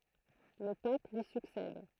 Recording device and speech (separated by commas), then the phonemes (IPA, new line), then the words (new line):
throat microphone, read sentence
lə pap lyi syksɛd
Le pape lui succède.